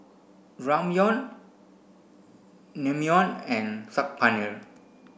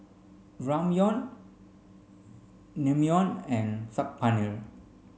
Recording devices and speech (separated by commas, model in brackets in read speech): boundary microphone (BM630), mobile phone (Samsung C5), read sentence